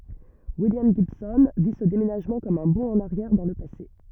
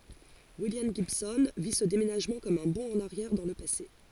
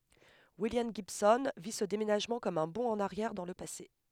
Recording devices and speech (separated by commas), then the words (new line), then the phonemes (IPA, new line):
rigid in-ear microphone, forehead accelerometer, headset microphone, read sentence
William Gibson vit ce déménagement comme un bond en arrière dans le passé.
wiljam ʒibsɔ̃ vi sə demenaʒmɑ̃ kɔm œ̃ bɔ̃ ɑ̃n aʁjɛʁ dɑ̃ lə pase